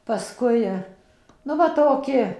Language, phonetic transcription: Lithuanian, paˈskui nu ˈva toˈki

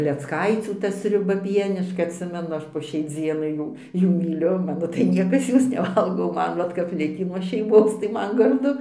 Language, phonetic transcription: Lithuanian, klecˈkaicių ˈta sriuˈba ˈpieniška atˈsimenu ˈaš po šiai ˈdzienai ˈjų ˈjų myˈliu ˈmano tai ˈniekas ˈjos neˈvalgo o ˈman ˈvat kap ˈlikį nuo šeiˈmos tai ˈman garˈdu

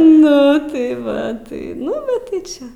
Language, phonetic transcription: Lithuanian, ˈnu tai ˈva ˈtai ˈnu bet tai ˈčia

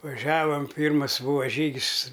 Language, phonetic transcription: Lithuanian, vaˈžiavam ˈpyrmas ˈbūva ˈžygis

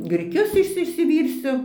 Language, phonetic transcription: Lithuanian, griˈkius ˈišsi išsiˈvyrsiu

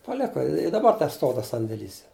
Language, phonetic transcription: Lithuanian, paˈleka i daˈbar teˈstov tas sandėˈlys

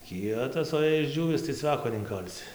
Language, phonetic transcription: Lithuanian, ˈkietas o jei išˈdžiūvis tai ˈcveko neinˈkalsi

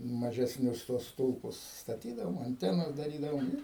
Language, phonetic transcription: Lithuanian, mažesˈnius tuos ˈstulpus staˈtydavom anˈtenas daˈrydavom i

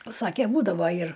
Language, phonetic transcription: Lithuanian, ˈsake ˈbūdavo ir

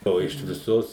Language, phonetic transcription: Lithuanian, ˈo iš viˈsos

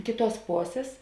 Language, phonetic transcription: Lithuanian, ˈkėˌtuos ˈposės

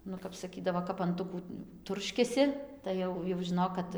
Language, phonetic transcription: Lithuanian, ˈnu kap saˈkydavo kap anˈtukų ˈturškiasi tai ˈjau jau žiˈnok kad

